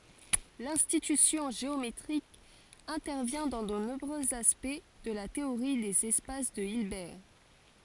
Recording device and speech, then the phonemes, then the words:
forehead accelerometer, read sentence
lɛ̃tyisjɔ̃ ʒeometʁik ɛ̃tɛʁvjɛ̃ dɑ̃ də nɔ̃bʁøz aspɛkt də la teoʁi dez ɛspas də ilbɛʁ
L'intuition géométrique intervient dans de nombreux aspects de la théorie des espaces de Hilbert.

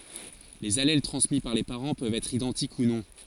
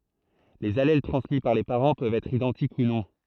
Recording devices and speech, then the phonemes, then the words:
forehead accelerometer, throat microphone, read sentence
lez alɛl tʁɑ̃smi paʁ le paʁɑ̃ pøvt ɛtʁ idɑ̃tik u nɔ̃
Les allèles transmis par les parents peuvent être identiques ou non.

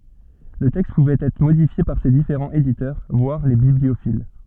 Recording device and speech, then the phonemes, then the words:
soft in-ear microphone, read sentence
lə tɛkst puvɛt ɛtʁ modifje paʁ se difeʁɑ̃z editœʁ vwaʁ le bibliofil
Le texte pouvait être modifié par ses différents éditeurs, voire les bibliophiles.

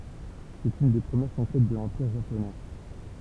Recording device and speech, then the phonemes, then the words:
temple vibration pickup, read sentence
sɛt yn de pʁəmjɛʁ kɔ̃kɛt də lɑ̃piʁ ʒaponɛ
C'est une des premières conquêtes de l'Empire Japonais.

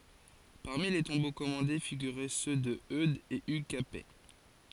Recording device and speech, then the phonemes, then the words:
forehead accelerometer, read sentence
paʁmi le tɔ̃bo kɔmɑ̃de fiɡyʁɛ sø də ødz e yɡ kapɛ
Parmi les tombeaux commandés figuraient ceux de Eudes et Hugues Capet.

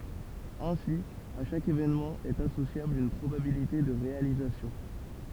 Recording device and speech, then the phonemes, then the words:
temple vibration pickup, read sentence
ɛ̃si a ʃak evenmɑ̃ ɛt asosjabl yn pʁobabilite də ʁealizasjɔ̃
Ainsi, à chaque événement est associable une probabilité de réalisation.

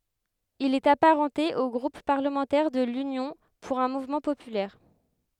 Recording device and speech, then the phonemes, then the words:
headset microphone, read sentence
il ɛt apaʁɑ̃te o ɡʁup paʁləmɑ̃tɛʁ də lynjɔ̃ puʁ œ̃ muvmɑ̃ popylɛʁ
Il est apparenté au groupe parlementaire de l’Union pour un mouvement populaire.

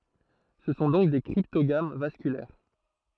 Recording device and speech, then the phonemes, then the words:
throat microphone, read sentence
sə sɔ̃ dɔ̃k de kʁiptoɡam vaskylɛʁ
Ce sont donc des cryptogames vasculaires.

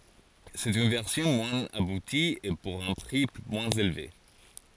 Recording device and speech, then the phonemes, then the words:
forehead accelerometer, read sentence
sɛt yn vɛʁsjɔ̃ mwɛ̃z abuti e puʁ œ̃ pʁi mwɛ̃z elve
C'est une version moins aboutie, et pour un prix moins élevé.

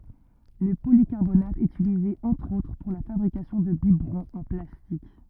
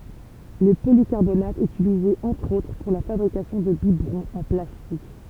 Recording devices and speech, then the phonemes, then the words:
rigid in-ear microphone, temple vibration pickup, read sentence
lə polikaʁbonat ɛt ytilize ɑ̃tʁ otʁ puʁ la fabʁikasjɔ̃ də bibʁɔ̃z ɑ̃ plastik
Le polycarbonate est utilisé entre autres pour la fabrication de biberons en plastique.

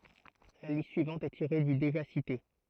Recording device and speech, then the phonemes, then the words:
throat microphone, read sentence
la list syivɑ̃t ɛ tiʁe dy deʒa site
La liste suivante est tirée du déjà cité.

